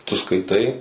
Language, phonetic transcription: Lithuanian, tu skaiˈtai

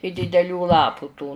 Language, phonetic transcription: Lithuanian, i dideˈlių ˈlapu tų

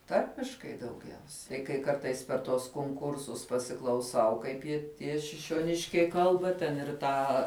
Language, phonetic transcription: Lithuanian, ˈtarmiškai dauˈgiausia tai kai ˈkartais per tuos konˈkursus pasiklauˈsau ˈkaip ji ˈtie šišioˈniškiai ˈkalba ten ir ˈtą

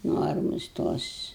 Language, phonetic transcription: Lithuanian, ˈnormus ˈtos

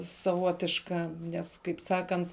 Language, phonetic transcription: Lithuanian, saˈvotiška ˈnes kaip ˈsakant

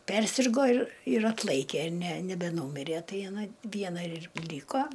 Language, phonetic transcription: Lithuanian, ˈpersirgo ir ir ˈatlaikė ne nebeˈnūmirė ˈtai aˈna ˈviena ir ˈlyko

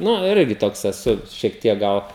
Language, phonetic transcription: Lithuanian, ˈnu ˈirgi ˈtoks eˈsu šiek ˈtiek ˈgal

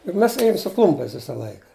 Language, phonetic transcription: Lithuanian, juk ˈmes ˈėjum su ˈklumpiais ˈvisa ˈlaika

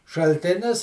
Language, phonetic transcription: Lithuanian, šalˈtinis

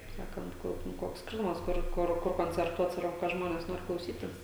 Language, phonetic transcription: Lithuanian, kaip ˈsakant ˈkur ˈkoks ˈskirtumas ˈkur ˈkur ˈkur koncerˈtuot ˈsvarbu ka ˈžmones ˈnori klauˈsytis

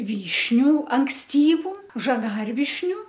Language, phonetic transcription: Lithuanian, ˈvyšniu anksˈtyvu žaˈgarvišniu

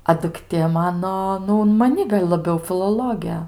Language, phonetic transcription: Lithuanian, a dukˈtė ˈmano ˈnu un maˈni gal' laˈbiau filoˈlogė

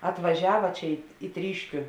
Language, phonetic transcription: Lithuanian, atvaˈžiava ˈčia i į ˈtryškiu

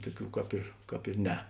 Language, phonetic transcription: Lithuanian, ˈtuoˌkių ˈkāp ir ˈkāp ir ˈne

